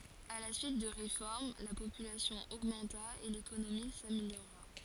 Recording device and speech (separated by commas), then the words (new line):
forehead accelerometer, read sentence
À la suite de réformes, la population augmenta et l'économie s'améliora.